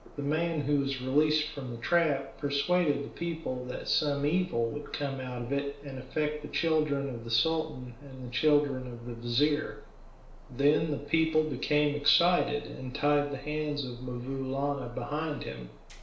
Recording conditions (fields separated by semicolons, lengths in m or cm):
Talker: one person; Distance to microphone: 1.0 m; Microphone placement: close; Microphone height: 1.1 m; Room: small (3.7 m by 2.7 m); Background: none